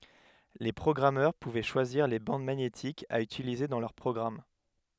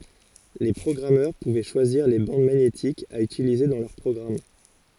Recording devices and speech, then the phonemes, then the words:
headset microphone, forehead accelerometer, read sentence
le pʁɔɡʁamœʁ puvɛ ʃwaziʁ le bɑ̃d maɲetikz a ytilize dɑ̃ lœʁ pʁɔɡʁam
Les programmeurs pouvaient choisir les bandes magnétiques à utiliser dans leurs programmes.

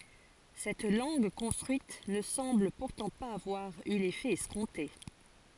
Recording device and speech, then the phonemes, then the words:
forehead accelerometer, read sentence
sɛt lɑ̃ɡ kɔ̃stʁyit nə sɑ̃bl puʁtɑ̃ paz avwaʁ y lefɛ ɛskɔ̃te
Cette langue construite ne semble pourtant pas avoir eu l'effet escompté.

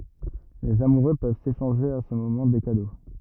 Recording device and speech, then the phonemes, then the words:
rigid in-ear microphone, read sentence
lez amuʁø pøv seʃɑ̃ʒe a sə momɑ̃ de kado
Les amoureux peuvent s’échanger à ce moment des cadeaux.

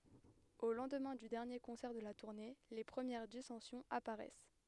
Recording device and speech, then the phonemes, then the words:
headset microphone, read sentence
o lɑ̃dmɛ̃ dy dɛʁnje kɔ̃sɛʁ də la tuʁne le pʁəmjɛʁ disɑ̃sjɔ̃z apaʁɛs
Au lendemain du dernier concert de la tournée, les premières dissensions apparaissent.

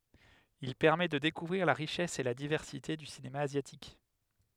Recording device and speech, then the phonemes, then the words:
headset microphone, read sentence
il pɛʁmɛ də dekuvʁiʁ la ʁiʃɛs e la divɛʁsite dy sinema azjatik
Il permet de découvrir la richesse et la diversité du cinéma asiatique.

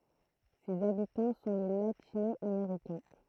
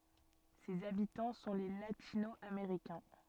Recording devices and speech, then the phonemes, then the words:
throat microphone, soft in-ear microphone, read sentence
sez abitɑ̃ sɔ̃ le latino ameʁikɛ̃
Ses habitants sont les Latino-Américains.

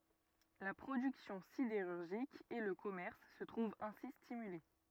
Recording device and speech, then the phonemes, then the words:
rigid in-ear microphone, read sentence
la pʁodyksjɔ̃ sideʁyʁʒik e lə kɔmɛʁs sə tʁuvt ɛ̃si stimyle
La production sidérurgique et le commerce se trouvent ainsi stimulés.

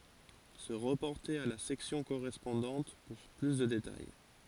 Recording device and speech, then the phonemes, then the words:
forehead accelerometer, read sentence
sə ʁəpɔʁte a la sɛksjɔ̃ koʁɛspɔ̃dɑ̃t puʁ ply də detaj
Se reporter à la section correspondante pour plus de détails.

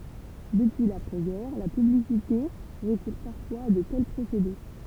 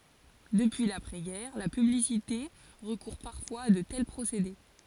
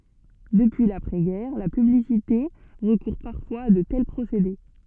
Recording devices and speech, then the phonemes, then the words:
temple vibration pickup, forehead accelerometer, soft in-ear microphone, read sentence
dəpyi lapʁɛ ɡɛʁ la pyblisite ʁəkuʁ paʁfwaz a də tɛl pʁosede
Depuis l’après-guerre, la publicité recourt parfois à de tels procédés.

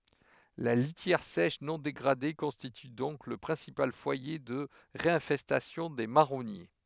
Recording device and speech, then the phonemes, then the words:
headset microphone, read sentence
la litjɛʁ sɛʃ nɔ̃ deɡʁade kɔ̃stity dɔ̃k lə pʁɛ̃sipal fwaje də ʁeɛ̃fɛstasjɔ̃ de maʁɔnje
La litière sèche non dégradée constitue donc le principal foyer de réinfestation des marronniers.

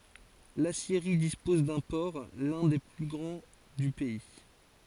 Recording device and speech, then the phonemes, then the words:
forehead accelerometer, read sentence
lasjeʁi dispɔz dœ̃ pɔʁ lœ̃ de ply ɡʁɑ̃ dy pɛi
L’aciérie dispose d'un port, l’un des plus grands du pays.

